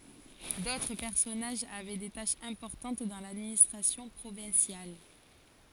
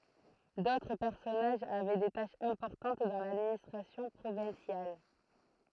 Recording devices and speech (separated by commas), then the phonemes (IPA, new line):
forehead accelerometer, throat microphone, read sentence
dotʁ pɛʁsɔnaʒz avɛ de taʃz ɛ̃pɔʁtɑ̃t dɑ̃ ladministʁasjɔ̃ pʁovɛ̃sjal